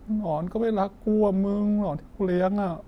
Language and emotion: Thai, sad